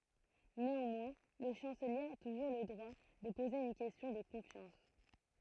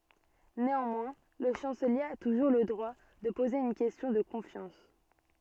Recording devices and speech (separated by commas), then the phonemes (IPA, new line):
throat microphone, soft in-ear microphone, read sentence
neɑ̃mwɛ̃ lə ʃɑ̃səlje a tuʒuʁ lə dʁwa də poze yn kɛstjɔ̃ də kɔ̃fjɑ̃s